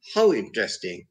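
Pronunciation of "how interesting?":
'How interesting' is said with a rise-fall: the voice rises and then falls. The tone sounds sarcastic.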